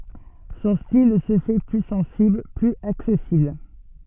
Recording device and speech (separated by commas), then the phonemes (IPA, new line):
soft in-ear microphone, read sentence
sɔ̃ stil sə fɛ ply sɑ̃sibl plyz aksɛsibl